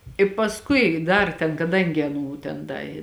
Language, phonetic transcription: Lithuanian, i pasˈkui ˈdar ten kaˈdangi aˈnų ˈten ˈda i

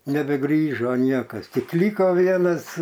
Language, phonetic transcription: Lithuanian, nebeˈgrįžo ˈniekas ˈtik ˈlyko ˈvienas

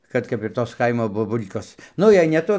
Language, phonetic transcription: Lithuanian, ˈkad kap ir ˈtos ˈkaimo boˈbul'kos ˈnu jei ne ˈtu

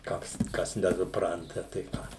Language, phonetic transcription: Lithuanian, ˈkoks ˈkas nesuˈpranta tai ˈką

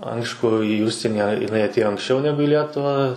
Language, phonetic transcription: Lithuanian, ˈaišku į ˈužsieni jiˈnai atˈėjo anksˈčiau ˈnegu i ˈlietuvą

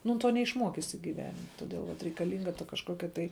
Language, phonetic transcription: Lithuanian, ˈnu ˈto neišˈmuokisi gyˈvenim' toˈdėl vat reikaˈlynga ta kažˈkokia tai

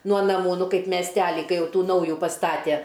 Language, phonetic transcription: Lithuanian, nuo naˈmų ˈnu ˈkaip mesˈteli ˈkai ˈjau ˈtų ˈnauju paˈstatæ

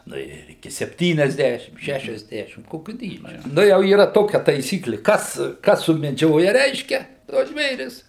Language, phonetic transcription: Lithuanian, ˈnu ir iˈki sepˈtyniasˌdæšim ˈšæšiasˌdešim ˈkokiu ˈdydžiu ˈnu jau yˈra ˈtokia taiˈsykli ˈkas ˈkas sumeˈdžioja ˈreiškia tuos ˈžvėris

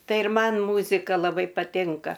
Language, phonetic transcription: Lithuanian, ˈtai ir ˈman ˈmūzika laˈbai paˈtinka

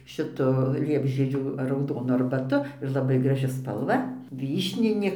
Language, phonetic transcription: Lithuanian, šiˈtu ˈliepžiedžių rauˈdonu arbaˈtu ir laˈbai graˈži spalˈva ˈvyšninė

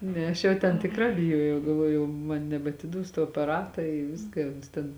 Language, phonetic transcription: Lithuanian, ˈne ˈaš jau ten tikˈrā biˈjuojau galˈvuoju jau ˈman nebatiˈduos tuo apaˈrata i ˈviska i ˈuns ten

